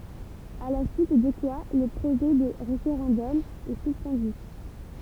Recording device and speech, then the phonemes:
temple vibration pickup, read sentence
a la syit də kwa lə pʁoʒɛ də ʁefeʁɑ̃dɔm ɛ syspɑ̃dy

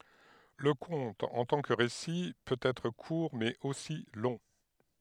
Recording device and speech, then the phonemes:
headset microphone, read sentence
lə kɔ̃t ɑ̃ tɑ̃ kə ʁesi pøt ɛtʁ kuʁ mɛz osi lɔ̃

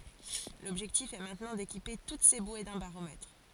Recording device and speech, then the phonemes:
forehead accelerometer, read sentence
lɔbʒɛktif ɛ mɛ̃tnɑ̃ dekipe tut se bwe dœ̃ baʁomɛtʁ

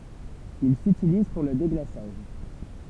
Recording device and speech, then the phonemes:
temple vibration pickup, read sentence
il sytiliz puʁ lə deɡlasaʒ

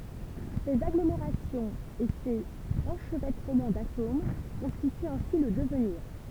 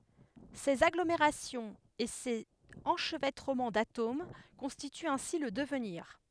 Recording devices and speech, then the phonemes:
temple vibration pickup, headset microphone, read sentence
sez aɡlomeʁasjɔ̃z e sez ɑ̃ʃvɛtʁəmɑ̃ datom kɔ̃stityt ɛ̃si lə dəvniʁ

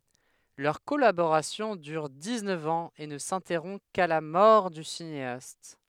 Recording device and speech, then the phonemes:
headset microphone, read sentence
lœʁ kɔlaboʁasjɔ̃ dyʁ diksnœf ɑ̃z e nə sɛ̃tɛʁɔ̃ ka la mɔʁ dy sineast

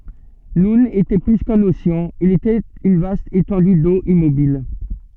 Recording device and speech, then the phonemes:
soft in-ear microphone, read sentence
nun etɛ ply kœ̃n oseɑ̃ il etɛt yn vast etɑ̃dy do immobil

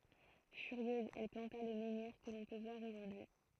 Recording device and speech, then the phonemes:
throat microphone, read sentence
fyʁjøz ɛl plɑ̃ta lə mɑ̃niʁ kə lɔ̃ pø vwaʁ oʒuʁdyi

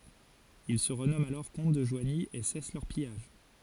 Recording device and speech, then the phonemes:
forehead accelerometer, read sentence
il sə ʁənɔmɑ̃t alɔʁ kɔ̃t də ʒwaɲi e sɛs lœʁ pijaʒ

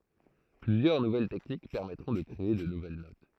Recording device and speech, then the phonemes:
throat microphone, read sentence
plyzjœʁ nuvɛl tɛknik pɛʁmɛtʁɔ̃ də kʁee də nuvɛl not

